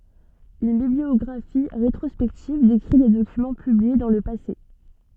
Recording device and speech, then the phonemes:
soft in-ear microphone, read sentence
yn bibliɔɡʁafi ʁetʁɔspɛktiv dekʁi de dokymɑ̃ pyblie dɑ̃ lə pase

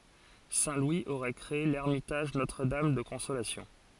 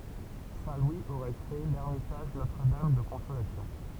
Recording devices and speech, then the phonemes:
forehead accelerometer, temple vibration pickup, read sentence
sɛ̃ lwi oʁɛ kʁee lɛʁmitaʒ notʁədam də kɔ̃solasjɔ̃

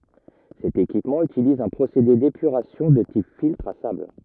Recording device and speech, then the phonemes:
rigid in-ear microphone, read sentence
sɛt ekipmɑ̃ ytiliz œ̃ pʁosede depyʁasjɔ̃ də tip filtʁ a sabl

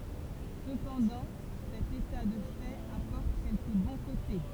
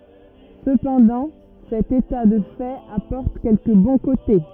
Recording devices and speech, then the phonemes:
temple vibration pickup, rigid in-ear microphone, read sentence
səpɑ̃dɑ̃ sɛt eta də fɛt apɔʁt kɛlkə bɔ̃ kote

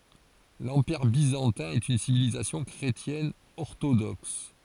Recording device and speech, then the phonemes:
forehead accelerometer, read sentence
lɑ̃piʁ bizɑ̃tɛ̃ ɛt yn sivilizasjɔ̃ kʁetjɛn ɔʁtodɔks

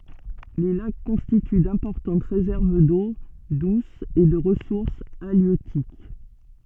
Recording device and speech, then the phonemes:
soft in-ear microphone, read sentence
le lak kɔ̃stity dɛ̃pɔʁtɑ̃t ʁezɛʁv do dus e də ʁəsuʁs aljøtik

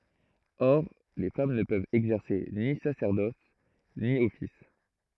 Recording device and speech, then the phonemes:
throat microphone, read sentence
ɔʁ le fam nə pøvt ɛɡzɛʁse ni sasɛʁdɔs ni ɔfis

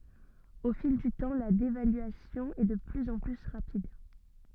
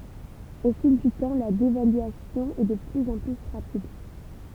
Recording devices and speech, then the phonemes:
soft in-ear microphone, temple vibration pickup, read sentence
o fil dy tɑ̃ la devalyasjɔ̃ ɛ də plyz ɑ̃ ply ʁapid

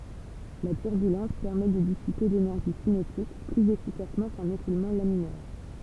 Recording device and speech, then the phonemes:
temple vibration pickup, read sentence
la tyʁbylɑ̃s pɛʁmɛ də disipe lenɛʁʒi sinetik plyz efikasmɑ̃ kœ̃n ekulmɑ̃ laminɛʁ

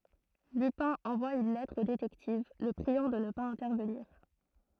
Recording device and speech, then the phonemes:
throat microphone, read sentence
lypɛ̃ ɑ̃vwa yn lɛtʁ o detɛktiv lə pʁiɑ̃ də nə paz ɛ̃tɛʁvəniʁ

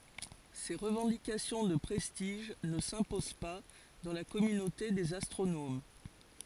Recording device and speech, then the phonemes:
forehead accelerometer, read sentence
se ʁəvɑ̃dikasjɔ̃ də pʁɛstiʒ nə sɛ̃pozɑ̃ pa dɑ̃ la kɔmynote dez astʁonom

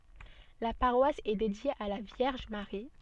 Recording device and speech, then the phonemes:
soft in-ear microphone, read sentence
la paʁwas ɛ dedje a la vjɛʁʒ maʁi

